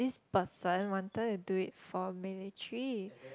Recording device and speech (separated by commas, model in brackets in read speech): close-talking microphone, conversation in the same room